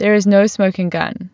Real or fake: real